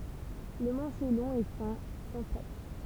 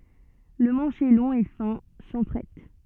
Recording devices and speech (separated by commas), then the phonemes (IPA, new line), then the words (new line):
temple vibration pickup, soft in-ear microphone, read sentence
lə mɑ̃ʃ ɛ lɔ̃ e fɛ̃ sɑ̃ fʁɛt
Le manche est long et fin, sans frettes.